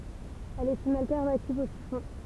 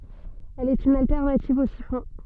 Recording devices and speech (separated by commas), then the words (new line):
temple vibration pickup, soft in-ear microphone, read sentence
Elle est une alternative au siphon.